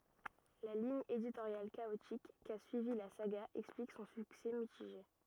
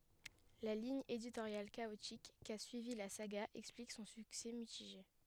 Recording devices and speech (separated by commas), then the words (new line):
rigid in-ear microphone, headset microphone, read sentence
La ligne éditoriale chaotique qu'a suivie la saga explique son succès mitigé.